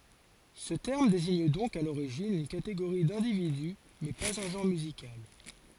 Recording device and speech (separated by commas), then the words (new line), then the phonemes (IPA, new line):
forehead accelerometer, read sentence
Ce terme désigne donc à l'origine une catégorie d'individu mais pas un genre musical.
sə tɛʁm deziɲ dɔ̃k a loʁiʒin yn kateɡoʁi dɛ̃dividy mɛ paz œ̃ ʒɑ̃ʁ myzikal